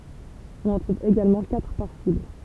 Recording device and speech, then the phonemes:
temple vibration pickup, read sentence
ɔ̃n ɑ̃ tʁuv eɡalmɑ̃ katʁ paʁ sibl

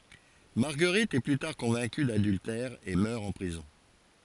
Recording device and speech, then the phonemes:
forehead accelerometer, read sentence
maʁɡəʁit ɛ ply taʁ kɔ̃vɛ̃ky dadyltɛʁ e mœʁ ɑ̃ pʁizɔ̃

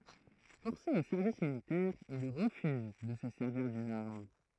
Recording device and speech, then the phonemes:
throat microphone, read sentence
fɔʁse o sɛʁvis militɛʁ il ʁəfyz də sə sɛʁviʁ dyn aʁm

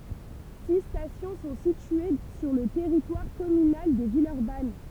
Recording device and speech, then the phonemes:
temple vibration pickup, read sentence
si stasjɔ̃ sɔ̃ sitye syʁ lə tɛʁitwaʁ kɔmynal də vilœʁban

